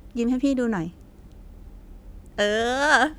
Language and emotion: Thai, happy